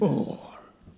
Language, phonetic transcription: Finnish, 'ôl !
- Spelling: oli

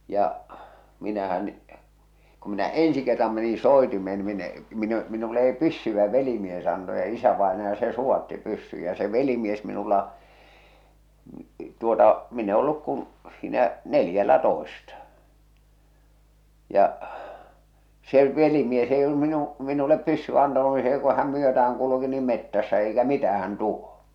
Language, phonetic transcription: Finnish, ja’ , 'minähän , ku minä "èn̬si kerram menin̬ "sòetimeen ni min ‿ᵉ , min ‿ᵉ , minule ei "pyssy ̬vä 'velimies anto ja isävaenaja se 'suwatti pyssyj ja se 'velimies minulla , tuota , min ‿e olluk kun̬ , siinä , 'neljällä'toesta , ja’ , se , 'velimies eij ‿ollum minu- , minulep 'pyssyᵛä antanu ni see ku häm 'myötä₍äŋ kuluki nim 'mettässä eikä "mitähän 'tuo !
- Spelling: ja minähän kun minä ensi kerran menin soitimeen niin minä en minä en minulle ei - pyssyä velimies antoi ja isävainaja se suvaitsi pyssyn ja se velimies minulla tuota minä en ollut kuin siinä neljällätoista ja se velimies ei ollut - minulle pyssyä antanut niin se kun hän myötään kulki niin metsässä eikä mitään tuo

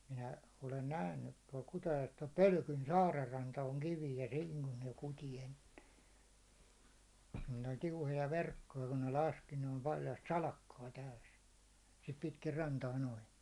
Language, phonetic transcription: Finnish, minä , olen 'nähnyt tuål Kutajo(e)s , (tuål) "Pölkyn 'saarer ranta oŋ 'kiviij ja "siiŋ kun ne 'kuti enne , ne oĺ 'tiuhoja 'verkkoja kun ne 'laski ne OL paljast "salakkaa täys , sit 'pitkir 'rantaa 'noin .
- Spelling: minä olen nähnyt tuolla Kutajoessa tuolla Pölkyn saaren ranta on kivinen ja siinä kun ne kuti ennen ne oli tiuhoja verkkoja kun ne laski ne oli paljasta salakkaa täysi sitä pitkin rantaa noin

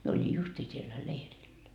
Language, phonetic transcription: Finnish, mie oli 'justii siellä 'leirillä .
- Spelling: minä olin justiin siellä leirillä

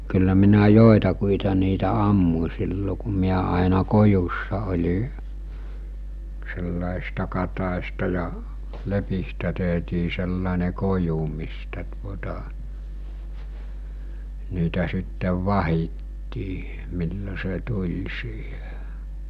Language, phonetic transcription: Finnish, kyllä minä 'jòetakuita niitä 'ammu͕ sillo ku miä àena 'kojussa oĺi , sellàes(is)ta katàesta ja , 'lepistä tehtii sellàene 'koju mistä tuota , niitä sittev 'vahittii , millo se 'tuĺ siihᴇ .
- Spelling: kyllä minä joitakin niitä ammuin silloin kun minä aina kojussa olin sellaisista katajista ja lepistä tehtiin sellainen koju mistä tuota niitä sitten vahdittiin milloin se tuli siihen

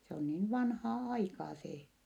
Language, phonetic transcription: Finnish, se on niin vanhaa aikaa see .
- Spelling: se on niin vanhaa aikaa se

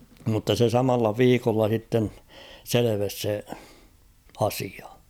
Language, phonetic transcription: Finnish, mutta se 'samalla "viikolla s̬itten , "seleves se , 'asia .
- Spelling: mutta se samalla viikolla sitten selvisi se asia

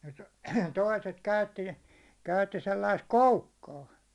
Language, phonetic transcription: Finnish, nət , 'toiset 'käytti , käytti sellaist "koukkaa .
- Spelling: - toiset käytti käytti sellaista koukkaa

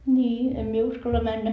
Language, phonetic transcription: Finnish, » ńii₍em mie 'uskalla 'männä .
- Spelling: niin en minä uskalla mennä

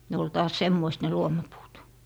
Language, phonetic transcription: Finnish, 'ne ol taas 'semmoist ne 'luomapuut .
- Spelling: ne oli taas semmoiset ne luomapuut

